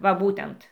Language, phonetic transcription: Lithuanian, va ˈbūtent

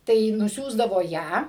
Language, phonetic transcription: Lithuanian, tai nuˈsiųsdavo ˈją

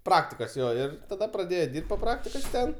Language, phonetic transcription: Lithuanian, ˈpraktikos ˈjo ir taˈda praˈdėjo ˈdirbt po ˈpraktikos ˈten

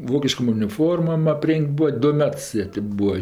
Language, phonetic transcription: Lithuanian, ˈvokiškom uniˈformom aˈpreng't' ˈbua ˈdu ˈmets ˈjie ti ˈbūa

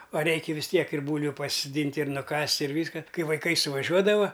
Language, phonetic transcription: Lithuanian, a ˈreikia vis ˈtiek ir ˈbūlviu pasisoˈdynt' ir ˈnukast' ir ˈvyska ˈkai vaiˈkai suvaˈžiuodava

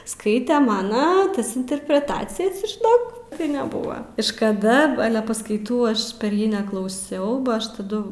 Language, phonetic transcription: Lithuanian, ˈskaite ˈmano ˈtas interpreˈtacijas žiˈnok tai neˈbuva iš kaˈda ˈale paskaiˈtų ˈaš per ˈjį neklauˈsiau ba ˈaš taˈdu

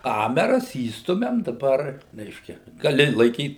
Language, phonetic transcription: Lithuanian, ˈkameras ˈįstumiam daˈbar ˈreiškia gaˈli laiˈkyt

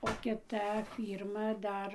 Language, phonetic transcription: Lithuanian, o kiˈta ˈfyrma ˈdar

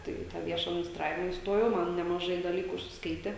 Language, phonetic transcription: Lithuanian, ˈtai i tą ˈvieša adminisˈtravima isˈtojau ˈman nemaˈžai daˈlyku užsisˈkaitė

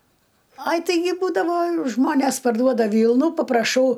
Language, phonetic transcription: Lithuanian, ˈai taiˈgi ˈbūdavo ˈžmonės parˈduoda ˈvylnų papraˈšau

